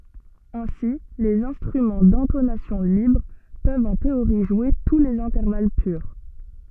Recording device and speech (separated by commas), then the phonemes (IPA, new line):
soft in-ear microphone, read sentence
ɛ̃si lez ɛ̃stʁymɑ̃ dɛ̃tonasjɔ̃ libʁ pøvt ɑ̃ teoʁi ʒwe tu lez ɛ̃tɛʁval pyʁ